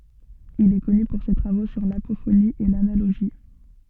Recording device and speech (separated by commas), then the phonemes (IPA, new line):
soft in-ear microphone, read sentence
il ɛ kɔny puʁ se tʁavo syʁ lapofoni e lanaloʒi